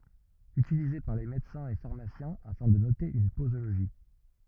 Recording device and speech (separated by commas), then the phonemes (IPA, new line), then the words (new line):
rigid in-ear microphone, read sentence
ytilize paʁ le medəsɛ̃z e faʁmasjɛ̃ afɛ̃ də note yn pozoloʒi
Utilisé par les médecins et pharmaciens afin de noter une posologie.